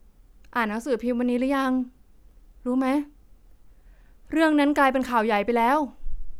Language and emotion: Thai, frustrated